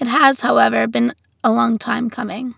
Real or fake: real